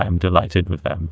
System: TTS, neural waveform model